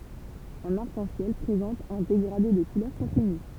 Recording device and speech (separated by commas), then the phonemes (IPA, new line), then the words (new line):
temple vibration pickup, read sentence
œ̃n aʁk ɑ̃ sjɛl pʁezɑ̃t œ̃ deɡʁade də kulœʁ kɔ̃tiny
Un arc-en-ciel présente un dégradé de couleurs continu.